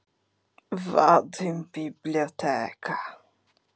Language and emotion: Italian, disgusted